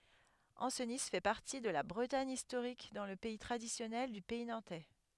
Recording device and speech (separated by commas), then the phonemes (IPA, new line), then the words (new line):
headset microphone, read sentence
ɑ̃sni fɛ paʁti də la bʁətaɲ istoʁik dɑ̃ lə pɛi tʁadisjɔnɛl dy pɛi nɑ̃tɛ
Ancenis fait partie de la Bretagne historique dans le pays traditionnel du Pays nantais.